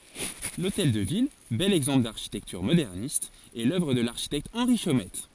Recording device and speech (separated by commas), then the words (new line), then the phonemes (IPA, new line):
forehead accelerometer, read sentence
L'hôtel de ville, bel exemple d'architecture moderniste, est l'œuvre de l'architecte Henri Chomette.
lotɛl də vil bɛl ɛɡzɑ̃pl daʁʃitɛktyʁ modɛʁnist ɛ lœvʁ də laʁʃitɛkt ɑ̃ʁi ʃomɛt